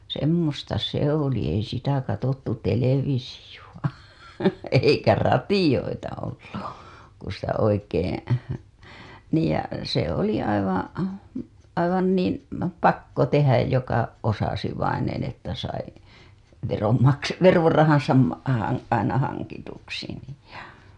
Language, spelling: Finnish, semmoista se oli ei sitä katsottu televisiota eikä radioita ollut kun sitä oikein niin ja se oli aivan aivan niin pakko tehdä joka osasi vainen että sai veron - verorahansa - - aina hankituksi niin ja
- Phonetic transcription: semmosta 'se ‿oli ei sitä katottu 'televisiju‿a , eikä 'ratijoita ollu , ku sitä 'oikeeḛ , niij ja , se oli aivaa̰ , aivan niim "pakko 'tehäj joka , osasi vainen ‿että sai , verom makse- , 'verorahaa̰sa , ma- , a- , aina 'haŋkituksi nij ja , .

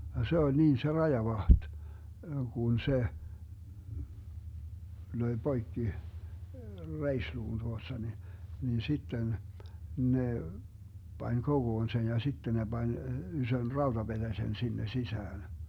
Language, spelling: Finnish, ja se oli niin se rajavahti kun se löi poikki reisiluun tuosta niin niin sitten ne pani kokoon sen ja sitten ne pani ison rautapetäsen sinne sisään
- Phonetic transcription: ja 'se oĺ 'niin se 'rajavaht , 'kun 'se , 'löi 'Boikki , "reisluun 'tuosta ni , nin 'sitten , 'ne , 'pań "koGoon 'sen ja 'sitten ne 'Bań , 'ysön "rauDaBeDäsen 'sinne 'sisään .

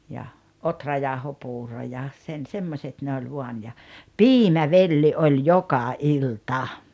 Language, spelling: Finnish, ja ohrajauhopuuro ja sen semmoiset ne oli vain ja piimävelli oli joka ilta
- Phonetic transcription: ja , "otrajàohopuuro ja , 'sen 'semmośet ne oĺ 'vuan ja , "piimä"velli ’oĺ "joka "ilta .

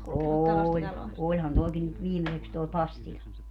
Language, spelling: Finnish, oli olihan tuokin nyt viimeiseksi tuo Pastila
- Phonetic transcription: "oooĺ , 'oĺhan tuɔki nyt 'viimeseks toe "Pastiĺa .

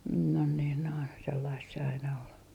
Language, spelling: Finnish, noin niin noin sellaista se aina oli
- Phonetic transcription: non niin noin , sellaist se aina ol .

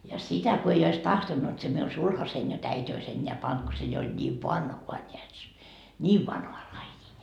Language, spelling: Finnish, ja sitä kun ei olisi tahtonut se minun sulhaseni jotta äiti olisi enää pannut kun se jo oli niin vanhaa näet se niin vanhaa lajia
- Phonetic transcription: ja 'sitä ko ei ois 'tahtonnut se miun "sulhasein jot 'äit́ ois eńńeä 'pant ko se jo oĺ ńiiv "vanhua ńeät se , "ńiiv vanhoa laijii .

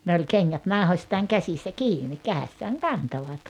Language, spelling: Finnish, ne oli kengät nauhoistaan käsissä kiinni kädessään kantoivat
- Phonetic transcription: ne oĺ "keŋŋät 'nàuhośtaaŋ 'käsissä "kiini "käessääŋ "kantovat .

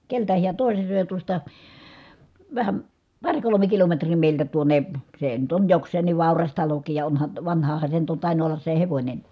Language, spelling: Finnish, keneltä hän toisen söi ja tuosta vähän pari kolme kilometriä meiltä tuonne se nyt on jokseenkin vauras talokin ja onhan vanhahan se on nyt tainnut olla se hevonenkin
- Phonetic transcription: keltä hiä tòise sö̀e ja tuosta , vähäm , par kolome kilometrii mèiltä tuoǹe , se₍e nyt on joks̀een̆niv vàuras talokiij ja onhan , vanhahan se on nyt tàinu ollas se hevońenI .

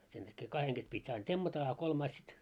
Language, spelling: Finnish, sen takia kahden kesken piti aina temmata a kolmas sitten
- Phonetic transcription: sen täkkee 'kaheŋ ɢes pit́ ain "temmata a 'kolmais sit ,.

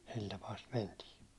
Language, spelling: Finnish, sillä tapaa sitä mentiin
- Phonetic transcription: 'sil tapaa sit 'mentii .

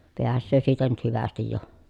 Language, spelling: Finnish, pääsee siitä nyt hyvästi jo
- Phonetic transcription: peässöö siitä nyt hyvästij jo .

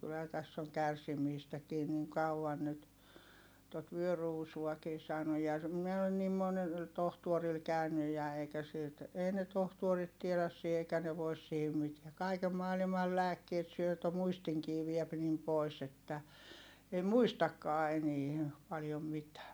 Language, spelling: Finnish, kyllähän tässä on kärsimistäkin niin kauan nyt tuota vyöruusuakin saanut ja minä olen niin monella tohtorilla käynyt ja eikä siltä ei ne tohtorit tiedä siinä eikä ne voisi siihen mitään kaiken maailman lääkkeitä syö jotta muistinkin vie niin pois että ei muistakaan enää paljon mitään
- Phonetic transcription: kylhä täss ‿oŋ kärsimiistäkii niŋ kau₍an nyt , tot vyöruusuakii saanuj ja , mie olen niim monel , tohtuoril kä̀ynyj ja eikä silt , ei ne tohtuorit tieläs sii eikä ne vois siihim mitiä(.) kaikem maalimal lääkkiet syö (jotta) muistiŋkii viɛp nim pòi̮s ‿että , ei muistakkaa enie , paljom mitää .

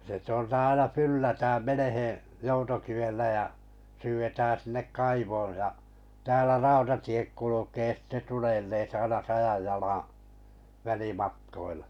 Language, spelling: Finnish, se tuolta aina ylhäältä menee joutokivellä ja syydetään sinne kaivoon ja täällä rautatiet kulkee sitten tulee - aina sadan jalan välimatkoilla
- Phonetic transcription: se tᵘolta 'aina 'ylähältä 'meneheᵉ̰ , 'joutokivellä ja , 'syyvetään̬ sinnek "kaivooj ja , täälä "rautatiek 'kulukee ‿ste 'tulee - - - aina 'sajaj jalaa̰ , 'välimatkoilᴀ .

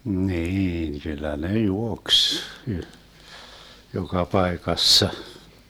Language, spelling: Finnish, niin kyllä ne juoksi - joka paikassa
- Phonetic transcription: 'niin , 'kyllä 'ne "juoks , y- , 'joka "paekassa .

